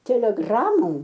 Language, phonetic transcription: Lithuanian, teleˈgramom

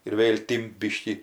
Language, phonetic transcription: Lithuanian, ir ˈvėl' ˈtimt ˈbyškį

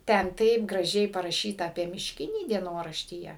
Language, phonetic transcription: Lithuanian, ˈten ˈtaip graˈžiai paraˈšyta apie mišˈkinį dieˈnoraštyje

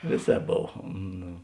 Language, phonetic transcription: Lithuanian, ˈvėˌsēp ˈbov ˈno

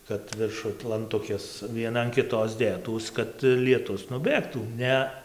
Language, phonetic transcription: Lithuanian, kad virˈšuj lanˈtukės vieˈna an kiˈtos ˈdėtųs kad lieˈtus nuˈbėgtų ˈne

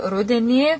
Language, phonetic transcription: Lithuanian, ˈrudenį

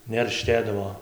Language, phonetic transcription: Lithuanian, nerˈštėdavo

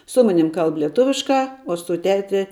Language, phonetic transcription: Lithuanian, ˈsu ˈmanim ˈkalb lieˈtuviškā o su ˈteti

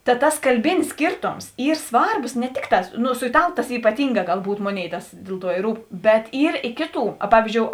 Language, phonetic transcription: Lithuanian, ta ˈtas kalˈbinis ˈskyrtoms ˈyr ˈsvarbos ne ˈtikˌtā ˈnu su iˈtalu tas ypaˈtynˌgā galˈbūt ˈmoˌnėi ˈtas ˈdėl ˌtuo i ˈrūp bet ˈyr i ˈkėˌtų a ˈpavyzdžiou

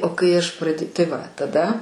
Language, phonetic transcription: Lithuanian, o kai ˈaš prad' tai ˈva taˈda

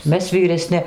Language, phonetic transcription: Lithuanian, ˈmes vyreˈsni

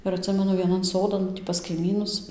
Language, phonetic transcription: Lithuanian, ir atˈsimenu vieˈnan ˈsodan tį pas kaiˈmynus

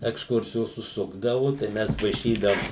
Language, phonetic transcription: Lithuanian, eksˈkursijos užˈsukdavu tai ˈmes vaiˈšydaum

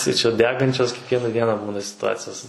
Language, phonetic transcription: Lithuanian, tai čia ˈdegančios kiekˈviena ˈdiena ˈbūna situˈacijos

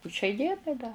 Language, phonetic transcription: Lithuanian, pu šiai ˈdienai da

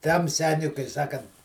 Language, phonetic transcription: Lithuanian, ˈtam ˈseniui kai ˈsakant

